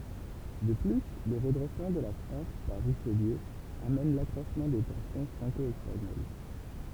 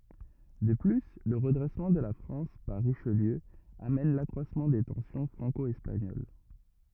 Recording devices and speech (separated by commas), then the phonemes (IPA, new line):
temple vibration pickup, rigid in-ear microphone, read sentence
də ply lə ʁədʁɛsmɑ̃ də la fʁɑ̃s paʁ ʁiʃliø amɛn lakʁwasmɑ̃ de tɑ̃sjɔ̃ fʁɑ̃ko ɛspaɲol